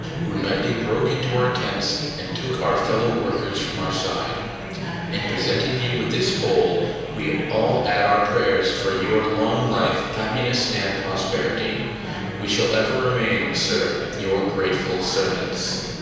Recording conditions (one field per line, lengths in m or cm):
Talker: one person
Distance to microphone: 7.1 m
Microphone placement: far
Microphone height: 1.7 m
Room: very reverberant, large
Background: babble